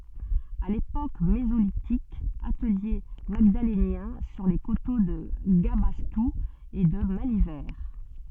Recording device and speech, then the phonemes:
soft in-ear microphone, read sentence
a lepok mezolitik atəlje maɡdalenjɛ̃ syʁ le koto də ɡabastu e də malivɛʁ

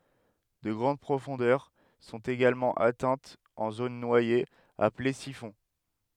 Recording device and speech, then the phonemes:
headset microphone, read sentence
də ɡʁɑ̃d pʁofɔ̃dœʁ sɔ̃t eɡalmɑ̃ atɛ̃tz ɑ̃ zon nwajez aple sifɔ̃

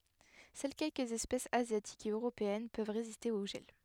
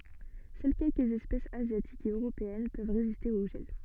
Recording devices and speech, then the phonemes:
headset microphone, soft in-ear microphone, read sentence
sœl kɛlkəz ɛspɛsz azjatikz e øʁopeɛn pøv ʁeziste o ʒɛl

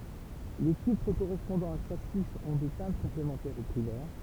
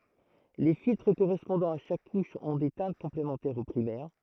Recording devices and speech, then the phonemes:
temple vibration pickup, throat microphone, read sentence
le filtʁ koʁɛspɔ̃dɑ̃z a ʃak kuʃ ɔ̃ de tɛ̃t kɔ̃plemɑ̃tɛʁz o pʁimɛʁ

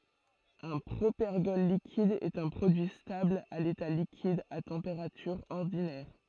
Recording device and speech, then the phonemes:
throat microphone, read sentence
œ̃ pʁopɛʁɡɔl likid ɛt œ̃ pʁodyi stabl a leta likid a tɑ̃peʁatyʁ ɔʁdinɛʁ

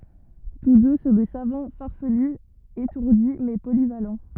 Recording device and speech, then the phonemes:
rigid in-ear microphone, read sentence
tus dø sɔ̃ de savɑ̃ faʁfəly etuʁdi mɛ polival

